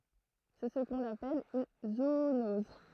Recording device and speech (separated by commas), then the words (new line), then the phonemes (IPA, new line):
throat microphone, read sentence
C'est ce qu'on appelle une zoonose.
sɛ sə kɔ̃n apɛl yn zoonɔz